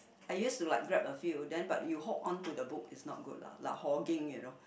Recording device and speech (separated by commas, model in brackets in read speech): boundary microphone, conversation in the same room